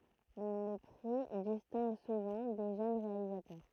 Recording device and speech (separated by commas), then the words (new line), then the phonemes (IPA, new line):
throat microphone, read sentence
Le prix distingue souvent des jeunes réalisateurs.
lə pʁi distɛ̃ɡ suvɑ̃ de ʒøn ʁealizatœʁ